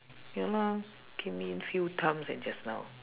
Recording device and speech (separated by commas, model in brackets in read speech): telephone, conversation in separate rooms